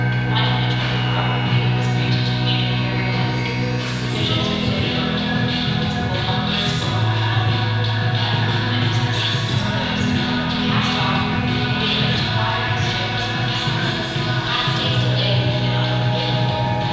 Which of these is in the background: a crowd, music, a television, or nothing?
Music.